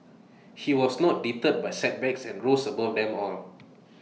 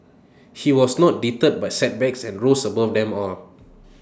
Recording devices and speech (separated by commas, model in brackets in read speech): mobile phone (iPhone 6), standing microphone (AKG C214), read sentence